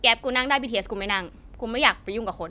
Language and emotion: Thai, frustrated